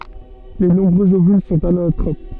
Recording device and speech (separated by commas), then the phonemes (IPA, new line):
soft in-ear microphone, read sentence
le nɔ̃bʁøz ovyl sɔ̃t anatʁop